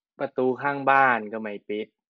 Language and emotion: Thai, frustrated